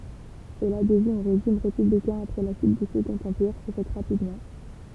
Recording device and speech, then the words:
temple vibration pickup, read sentence
Et l'adhésion au régime républicain après la chute du Second empire s'est faite rapidement.

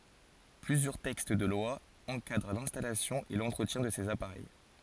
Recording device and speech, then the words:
forehead accelerometer, read sentence
Plusieurs textes de loi encadrent l'installation et l'entretien de ces appareils.

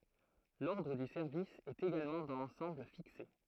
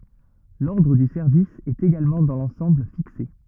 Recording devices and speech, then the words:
throat microphone, rigid in-ear microphone, read sentence
L'ordre du service est également dans l'ensemble fixé.

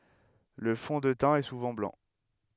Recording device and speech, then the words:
headset microphone, read sentence
Le fond de teint est souvent blanc.

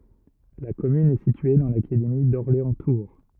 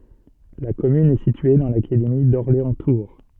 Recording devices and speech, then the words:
rigid in-ear microphone, soft in-ear microphone, read sentence
La commune est située dans l'académie d'Orléans-Tours.

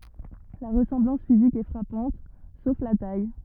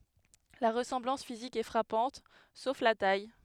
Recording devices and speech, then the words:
rigid in-ear microphone, headset microphone, read sentence
La ressemblance physique est frappante, sauf la taille.

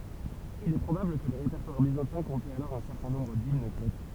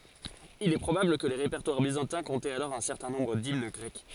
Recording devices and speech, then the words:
temple vibration pickup, forehead accelerometer, read sentence
Il est probable que les répertoires byzantins comptaient alors un certain nombre d'hymnes grecques.

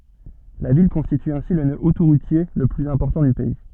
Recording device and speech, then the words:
soft in-ear microphone, read sentence
La ville constitue ainsi le nœud autoroutier le plus important du pays.

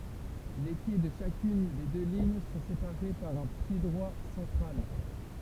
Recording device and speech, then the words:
temple vibration pickup, read sentence
Les quais de chacune des deux lignes sont séparés par un piédroit central.

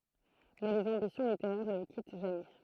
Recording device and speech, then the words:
throat microphone, read sentence
Mais les ambitions littéraires ne le quittent jamais.

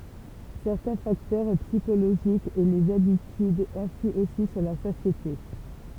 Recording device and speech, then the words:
temple vibration pickup, read sentence
Certains facteurs psychologiques et les habitudes influent aussi sur la satiété.

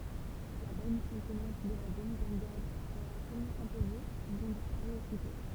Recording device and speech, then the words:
temple vibration pickup, read sentence
La bonne contenance de la demi-brigade leur a tellement imposé, qu'ils ont disparu aussitôt.

